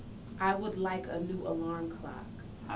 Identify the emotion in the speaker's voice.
neutral